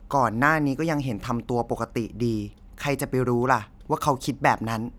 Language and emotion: Thai, frustrated